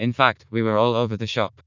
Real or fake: fake